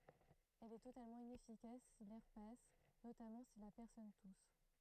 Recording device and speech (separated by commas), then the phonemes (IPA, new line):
throat microphone, read sentence
ɛl ɛ totalmɑ̃ inɛfikas si lɛʁ pas notamɑ̃ si la pɛʁsɔn tus